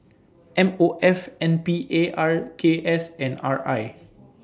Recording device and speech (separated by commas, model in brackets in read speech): standing microphone (AKG C214), read sentence